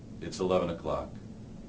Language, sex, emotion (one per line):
English
male
neutral